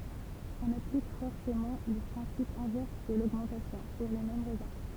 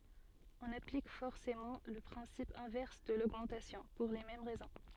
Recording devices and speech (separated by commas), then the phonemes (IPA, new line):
temple vibration pickup, soft in-ear microphone, read sentence
ɔ̃n aplik fɔʁsemɑ̃ lə pʁɛ̃sip ɛ̃vɛʁs də loɡmɑ̃tasjɔ̃ puʁ le mɛm ʁɛzɔ̃